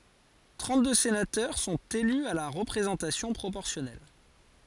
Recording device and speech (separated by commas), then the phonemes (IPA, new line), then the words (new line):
forehead accelerometer, read sentence
tʁɑ̃tdø senatœʁ sɔ̃t ely a la ʁəpʁezɑ̃tasjɔ̃ pʁopɔʁsjɔnɛl
Trente-deux sénateurs sont élus à la représentation proportionnelle.